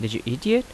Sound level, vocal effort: 82 dB SPL, normal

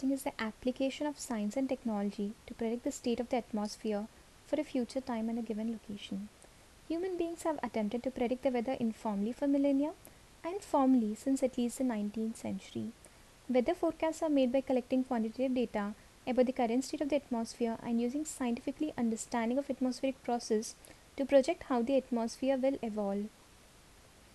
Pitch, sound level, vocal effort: 250 Hz, 73 dB SPL, soft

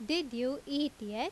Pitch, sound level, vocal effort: 275 Hz, 87 dB SPL, loud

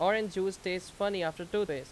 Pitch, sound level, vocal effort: 190 Hz, 92 dB SPL, very loud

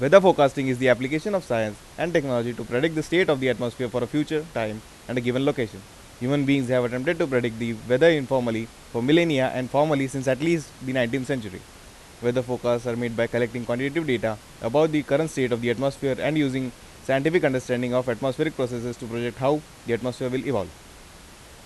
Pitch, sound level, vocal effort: 125 Hz, 90 dB SPL, loud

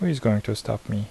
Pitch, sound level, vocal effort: 110 Hz, 75 dB SPL, soft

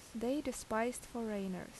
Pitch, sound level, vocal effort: 230 Hz, 78 dB SPL, normal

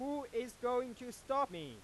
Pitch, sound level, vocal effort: 245 Hz, 101 dB SPL, very loud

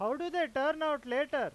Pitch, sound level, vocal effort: 300 Hz, 100 dB SPL, very loud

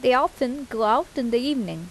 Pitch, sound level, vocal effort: 255 Hz, 83 dB SPL, normal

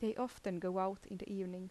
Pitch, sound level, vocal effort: 190 Hz, 80 dB SPL, soft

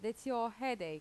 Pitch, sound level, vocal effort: 230 Hz, 87 dB SPL, normal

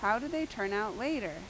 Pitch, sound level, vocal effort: 220 Hz, 87 dB SPL, loud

